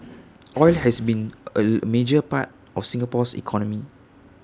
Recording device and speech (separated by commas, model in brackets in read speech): standing microphone (AKG C214), read sentence